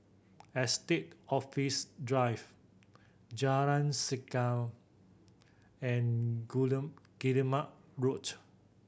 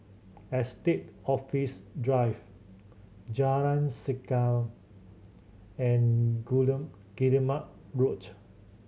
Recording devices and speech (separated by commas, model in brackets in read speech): boundary microphone (BM630), mobile phone (Samsung C7100), read sentence